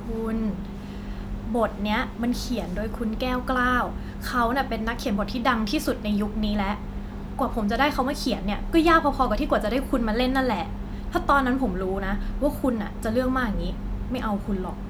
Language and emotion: Thai, frustrated